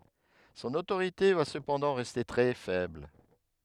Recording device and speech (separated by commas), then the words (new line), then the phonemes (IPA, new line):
headset microphone, read sentence
Son autorité va cependant rester très faible.
sɔ̃n otoʁite va səpɑ̃dɑ̃ ʁɛste tʁɛ fɛbl